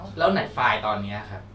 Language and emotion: Thai, frustrated